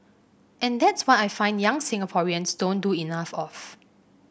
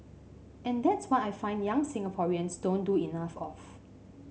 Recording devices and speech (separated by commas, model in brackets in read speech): boundary microphone (BM630), mobile phone (Samsung C5), read sentence